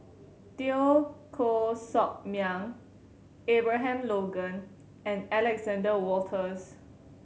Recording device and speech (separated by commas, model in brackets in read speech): mobile phone (Samsung C7100), read sentence